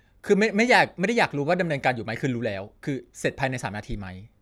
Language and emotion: Thai, frustrated